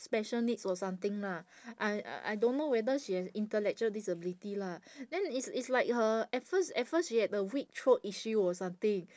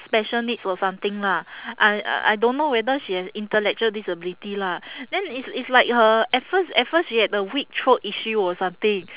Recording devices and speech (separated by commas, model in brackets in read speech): standing microphone, telephone, conversation in separate rooms